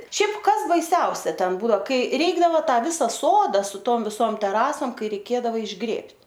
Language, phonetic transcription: Lithuanian, ˈšiaip ˈkas baiˈsiausia ˈten ˈbudo ˈkai ˈreikdavo ˈtą ˈvisa ˈsoda su ˈtom viˈsom teˈrasom ˈkai reiˈkėdava išˈgrėbt'

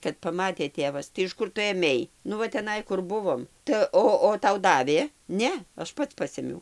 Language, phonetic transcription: Lithuanian, kad paˈmatė ˈtėvas tai iš ˈkur tu ėˈmei ˈnu va teˈnai ˈkur ˈbuvom tai ˈo o ˈtau ˈdavė ˈne ˈaš ˈpats ˈpasėmiau

